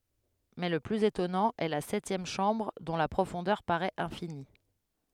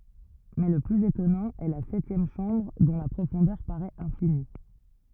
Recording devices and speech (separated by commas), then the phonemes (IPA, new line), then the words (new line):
headset microphone, rigid in-ear microphone, read sentence
mɛ lə plyz etɔnɑ̃ ɛ la sɛtjɛm ʃɑ̃bʁ dɔ̃ la pʁofɔ̃dœʁ paʁɛt ɛ̃fini
Mais le plus étonnant est la septième chambre, dont la profondeur paraît infinie.